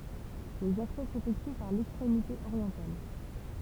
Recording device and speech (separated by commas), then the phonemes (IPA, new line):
temple vibration pickup, read sentence
lez aksɛ sefɛkty paʁ lɛkstʁemite oʁjɑ̃tal